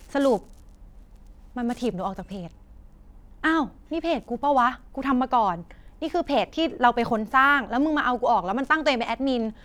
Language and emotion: Thai, frustrated